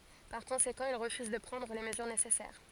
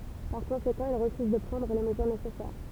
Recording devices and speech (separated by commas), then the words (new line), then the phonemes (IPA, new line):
forehead accelerometer, temple vibration pickup, read sentence
Par conséquent, il refuse de prendre les mesures nécessaires.
paʁ kɔ̃sekɑ̃ il ʁəfyz də pʁɑ̃dʁ le məzyʁ nesɛsɛʁ